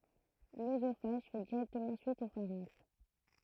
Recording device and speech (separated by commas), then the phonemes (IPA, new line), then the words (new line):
throat microphone, read sentence
løzofaʒ fɛ diʁɛktəmɑ̃ syit o faʁɛ̃ks
L'œsophage fait directement suite au pharynx.